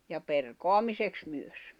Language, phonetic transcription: Finnish, ja 'perkoamiseks 'myös .
- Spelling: ja perkaamiseksi myös

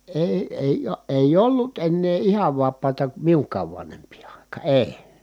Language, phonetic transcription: Finnish, e- èi , èiʲ , èij ‿ollut ennee ihav vap̆paata miuŋk̀aav vanhemp̀ii àikaa ʼèi̮ .
- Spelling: - ei ei ei ollut ennen ihan vapaata minunkaan vanhempien aikaan ei

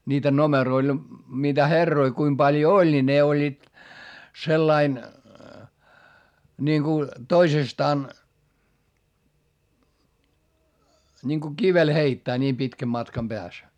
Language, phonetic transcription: Finnish, niitä nomeroil , niitä herroi kuim Baljo oĺ ni ne oĺĺiit , sellain , ńiŋku , toisestaan , ńiŋko kivel heittää ńiim pitkäm matkam Beäs .
- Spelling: niitä numeroilla niitä herroja kuinka paljon oli niin ne olivat sellainen niin kun toisestaan niin kun kivellä heittää niin pitkän matkan päässä

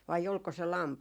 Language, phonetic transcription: Finnish, vai olko se "lampahiist .
- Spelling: vai oliko se lampaista

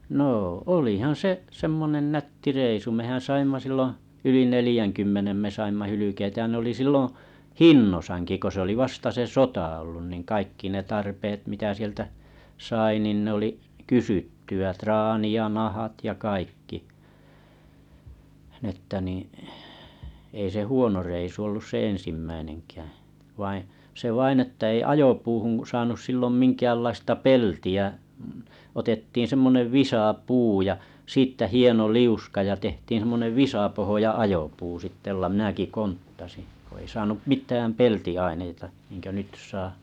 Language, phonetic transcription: Finnish, 'nô 'olihan 'se’ , semmonen 'nätti 'reisu mehän 'saimma 'silloo̰ , yli 'nelⁱjäŋkymmenem me me 'saimma 'hylykeitä ja nᵉ oli 'silloo̰ , "hinnosàŋki ko se oli 'vasta se "sota ollun niŋ 'kaikki ne 'tarpeet mitä sieltä , 'sai nìn ne oli , 'kysytty₍ä 'traani ja 'nahat ja 'kaikki , n ‿että niiⁱ̰ , ei se 'huono reisu ollus se 'en̬simmäineŋkääᵃ̰̈ , vaiḭ , se 'vain että ei 'ajopuuhuŋ saanus sillom 'minkäällaista "pelti₍ä’ , otettiin̬ 'semmonev 'visà'puu ja , 'siittä 'hieno 'liuska ja 'tehtiiḭ sᵉmmonev 'visapohoja 'ajopuu sitte ᵒlla mⁱnäki 'konttasi , ko ei saanu "mit̀ääm 'pelti₍aineita , niiŋkö 'nyt saa .
- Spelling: no olihan se semmoinen nätti reissu mehän saimme silloin yli neljänkymmenen me - saimme hylkeitä ja ne oli silloin hinnoissaankin kun se oli vasta se sota ollut niin kaikki ne tarpeet mitä sieltä sai niin ne oli kysyttyä traani ja nahat ja kaikki niin että niin ei se huono reissu ollut se ensimmäinenkään vaan se vain että ei ajopuuhun saanut silloin minkäänlaista peltiä otettiin semmoinen visapuu ja siitä hieno liuska ja tehtiin semmoinen visapohja ajopuu sitten jolla minäkin konttasin kun ei saanut mitään peltiaineita niin kuin nyt saa

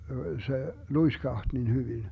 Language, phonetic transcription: Finnish, se "luiskaht nin 'hyvin .
- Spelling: se luiskahti niin hyvin

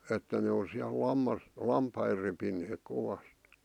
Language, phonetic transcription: Finnish, että ne on siäl 'lammas- , "lampai repineek 'kovasᵗ .
- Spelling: että ne on siellä - lampaita repineet kovasti

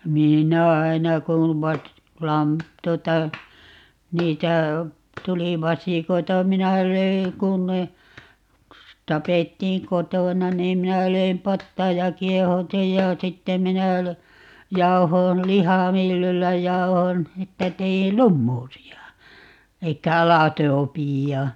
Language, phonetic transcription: Finnish, 'minä "aina kuv 'vas- , 'lam- , 'tuota , 'niitä , 'tuli "vasìkoita - 'minä 'löi , 'kun ne , 'tapettiiŋ "kotòna niim 'minä 'löim "pattaaj ja "kiehau̬tij ja "sitte minä lö- , 'jauhoon , "lihàmyllyllä 'jauhon , 'että 'teil "lummuusi₍a , 'elikkä "alatoopiijja .
- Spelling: minä aina kun - - tuota niitä tuli vasikoita minä löin kun ne tapettiin kotona niin minä löin pataan ja kiehautin ja sitten minä - jauhoin lihamyllyllä jauhoin että tein lumuusia eli aladobia

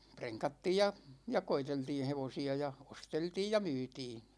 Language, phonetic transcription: Finnish, preŋkattiij ja , ja "koiteltiin̬ 'hevosi₍a ja , "osteltiij ja "myytii .
- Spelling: prenkattiin ja ja koeteltiin hevosia ja osteltiin ja myytiin

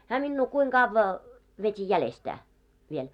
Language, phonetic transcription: Finnish, hää minnuu 'kuiŋ 'ɢavva , vet́i "jälestää , viel .
- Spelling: hän minua kuinka kauan veti jäljestään vielä

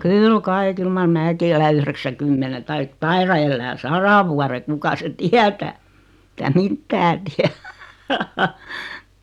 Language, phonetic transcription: Finnish, kyyl 'kai 'kyl mar "määki elä 'yhreksäkymmene 'taik "taira ellää "sara vuare 'kuka seⁿ "tiätää , [si]tä "mittää tiä .
- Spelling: kyllä kai kyllä mar minäkin elän yhdeksänkymmenen tai taidan elää sadan vuoden kuka sen tietää sitä mitään tiedä

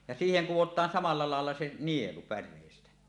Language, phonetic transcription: Finnish, ja "siiheŋ 'kuwot̀aan samal̆la laella se "nielu 'pär̆rèistä .
- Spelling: ja siihen kudotaan samalla lailla se nielu päreistä

